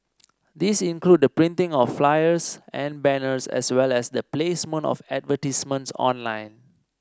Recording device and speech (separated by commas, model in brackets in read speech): standing microphone (AKG C214), read sentence